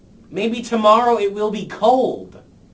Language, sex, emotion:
English
male
angry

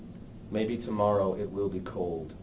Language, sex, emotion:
English
male
neutral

